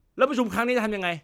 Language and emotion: Thai, angry